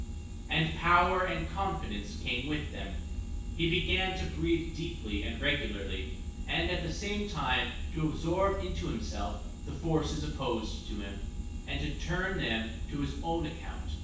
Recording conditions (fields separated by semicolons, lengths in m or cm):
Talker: one person; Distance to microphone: 9.8 m; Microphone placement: far; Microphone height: 1.8 m; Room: large; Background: none